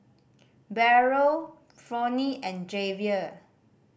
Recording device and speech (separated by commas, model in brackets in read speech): boundary microphone (BM630), read sentence